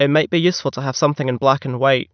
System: none